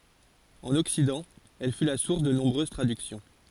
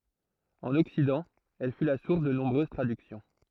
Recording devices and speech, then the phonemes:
forehead accelerometer, throat microphone, read sentence
ɑ̃n ɔksidɑ̃ ɛl fy la suʁs də nɔ̃bʁøz tʁadyksjɔ̃

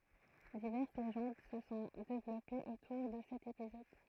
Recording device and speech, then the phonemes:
throat microphone, read sentence
divɛʁs leʒɑ̃d sə sɔ̃ devlɔpez otuʁ də sɛt epizɔd

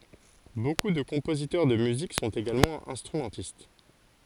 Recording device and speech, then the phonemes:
forehead accelerometer, read sentence
boku də kɔ̃pozitœʁ də myzik sɔ̃t eɡalmɑ̃ ɛ̃stʁymɑ̃tist

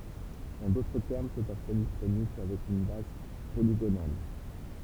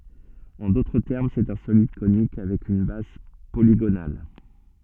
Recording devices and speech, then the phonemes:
temple vibration pickup, soft in-ear microphone, read sentence
ɑ̃ dotʁ tɛʁm sɛt œ̃ solid konik avɛk yn baz poliɡonal

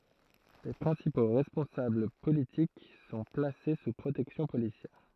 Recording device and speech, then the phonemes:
throat microphone, read sentence
le pʁɛ̃sipo ʁɛspɔ̃sabl politik sɔ̃ plase su pʁotɛksjɔ̃ polisjɛʁ

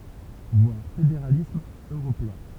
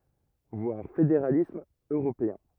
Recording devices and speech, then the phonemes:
temple vibration pickup, rigid in-ear microphone, read sentence
vwaʁ fedeʁalism øʁopeɛ̃

